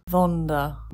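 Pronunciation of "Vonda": The word 'wander' is mispronounced here: its W is said as a V, so it sounds like 'Vonda'.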